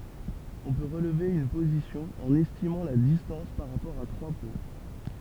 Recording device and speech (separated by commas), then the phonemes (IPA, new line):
temple vibration pickup, read sentence
ɔ̃ pø ʁəlve yn pozisjɔ̃ ɑ̃n ɛstimɑ̃ la distɑ̃s paʁ ʁapɔʁ a tʁwa pwɛ̃